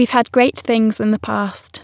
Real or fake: real